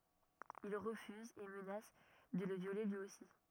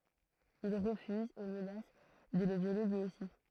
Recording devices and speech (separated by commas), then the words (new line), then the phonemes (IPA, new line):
rigid in-ear microphone, throat microphone, read sentence
Ils refusent et menacent de le violer lui aussi.
il ʁəfyzt e mənas də lə vjole lyi osi